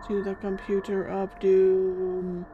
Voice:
in ominous voice